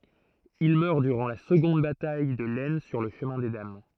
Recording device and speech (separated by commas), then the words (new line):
throat microphone, read sentence
Il meurt durant la seconde bataille de l'Aisne sur le Chemin des Dames.